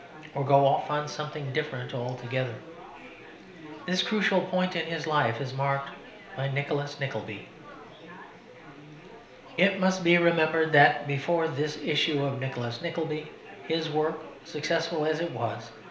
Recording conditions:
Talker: one person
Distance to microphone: 1.0 m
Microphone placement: close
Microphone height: 1.1 m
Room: small (3.7 m by 2.7 m)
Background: babble

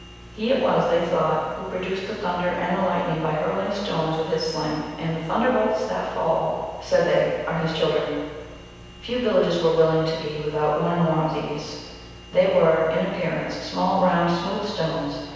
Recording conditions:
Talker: one person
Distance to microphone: 7.1 m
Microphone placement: far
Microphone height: 1.7 m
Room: very reverberant, large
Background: none

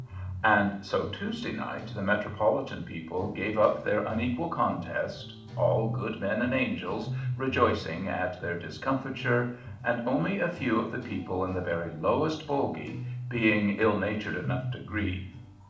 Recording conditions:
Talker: one person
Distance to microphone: 2.0 m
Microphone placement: close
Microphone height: 99 cm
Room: medium-sized (5.7 m by 4.0 m)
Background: music

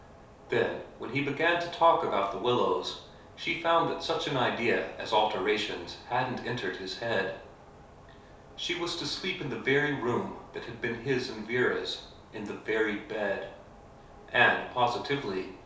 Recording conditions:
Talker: one person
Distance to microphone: 3.0 m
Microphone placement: far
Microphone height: 1.8 m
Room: small (3.7 m by 2.7 m)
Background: none

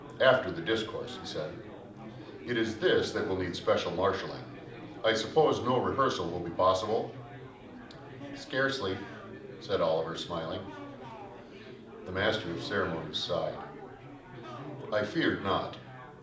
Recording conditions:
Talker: one person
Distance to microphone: 2.0 m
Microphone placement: close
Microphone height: 99 cm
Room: medium-sized (5.7 m by 4.0 m)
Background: babble

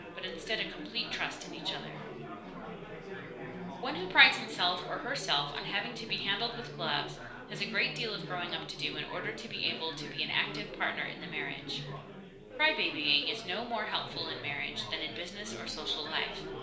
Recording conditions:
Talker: one person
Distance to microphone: 1.0 m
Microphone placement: close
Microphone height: 1.1 m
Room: small (3.7 m by 2.7 m)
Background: babble

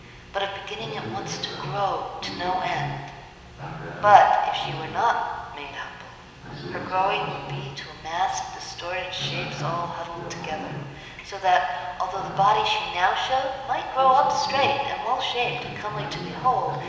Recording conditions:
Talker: one person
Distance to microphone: 1.7 m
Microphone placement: close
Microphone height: 1.0 m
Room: very reverberant, large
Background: television

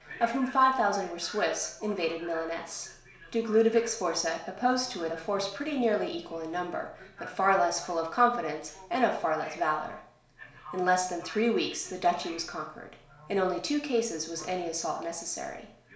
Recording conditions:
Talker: one person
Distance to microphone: 1.0 m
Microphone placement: close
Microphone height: 1.1 m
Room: small (3.7 m by 2.7 m)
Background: television

